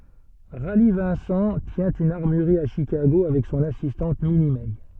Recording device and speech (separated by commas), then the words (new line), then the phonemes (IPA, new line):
soft in-ear microphone, read sentence
Rally Vincent tient une armurerie à Chicago avec son assistante Minnie Mey.
ʁali vɛ̃sɑ̃ tjɛ̃ yn aʁmyʁʁi a ʃikaɡo avɛk sɔ̃n asistɑ̃t mini mɛ